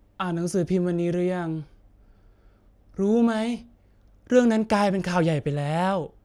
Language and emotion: Thai, frustrated